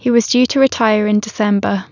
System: none